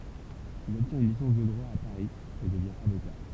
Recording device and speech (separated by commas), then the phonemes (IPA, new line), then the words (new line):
temple vibration pickup, read sentence
il ɔbtjɛ̃t yn lisɑ̃s də dʁwa a paʁi e dəvjɛ̃ avoka
Il obtient une licence de droit à Paris et devient avocat.